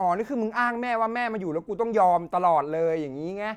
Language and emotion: Thai, angry